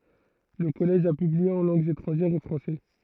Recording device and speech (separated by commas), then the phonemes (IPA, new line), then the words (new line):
throat microphone, read sentence
lə kɔlɛʒ a pyblie ɑ̃ lɑ̃ɡz etʁɑ̃ʒɛʁz o fʁɑ̃sɛ
Le Collège a publié en langues étrangères au français.